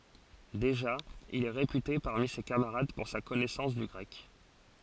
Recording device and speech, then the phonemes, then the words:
forehead accelerometer, read sentence
deʒa il ɛ ʁepyte paʁmi se kamaʁad puʁ sa kɔnɛsɑ̃s dy ɡʁɛk
Déjà, il est réputé parmi ses camarades pour sa connaissance du grec.

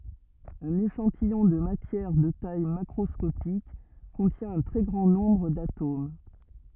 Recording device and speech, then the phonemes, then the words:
rigid in-ear microphone, read sentence
œ̃n eʃɑ̃tijɔ̃ də matjɛʁ də taj makʁɔskopik kɔ̃tjɛ̃ œ̃ tʁɛ ɡʁɑ̃ nɔ̃bʁ datom
Un échantillon de matière de taille macroscopique contient un très grand nombre d'atomes.

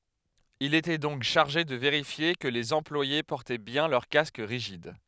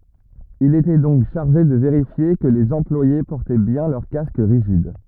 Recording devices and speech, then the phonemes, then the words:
headset microphone, rigid in-ear microphone, read sentence
il etɛ dɔ̃k ʃaʁʒe də veʁifje kə lez ɑ̃plwaje pɔʁtɛ bjɛ̃ lœʁ kask ʁiʒid
Il était donc chargé de vérifier que les employés portaient bien leur casque rigide.

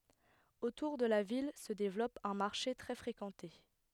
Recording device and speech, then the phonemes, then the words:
headset microphone, read sentence
otuʁ də la vil sə devlɔp œ̃ maʁʃe tʁɛ fʁekɑ̃te
Autour de la ville se développe un marché très fréquenté.

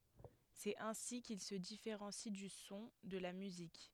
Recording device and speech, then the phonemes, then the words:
headset microphone, read sentence
sɛt ɛ̃si kil sə difeʁɑ̃si dy sɔ̃ də la myzik
C'est ainsi qu'il se différencie du son, de la musique.

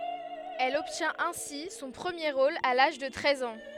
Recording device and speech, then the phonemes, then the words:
headset microphone, read sentence
ɛl ɔbtjɛ̃t ɛ̃si sɔ̃ pʁəmje ʁol a laʒ də tʁɛz ɑ̃
Elle obtient ainsi son premier rôle à l’âge de treize ans.

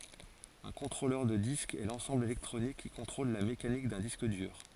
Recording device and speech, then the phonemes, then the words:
forehead accelerometer, read sentence
œ̃ kɔ̃tʁolœʁ də disk ɛ lɑ̃sɑ̃bl elɛktʁonik ki kɔ̃tʁol la mekanik dœ̃ disk dyʁ
Un contrôleur de disque est l’ensemble électronique qui contrôle la mécanique d’un disque dur.

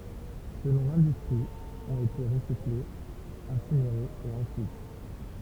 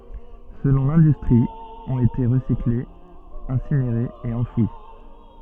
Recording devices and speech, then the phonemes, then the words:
temple vibration pickup, soft in-ear microphone, read sentence
səlɔ̃ lɛ̃dystʁi ɔ̃t ete ʁəsiklez ɛ̃sineʁez e ɑ̃fwi
Selon l'industrie, ont été recyclées, incinérées et enfouies.

